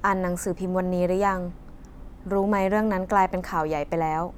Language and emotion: Thai, neutral